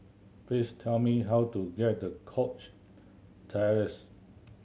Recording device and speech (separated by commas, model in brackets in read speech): mobile phone (Samsung C7100), read sentence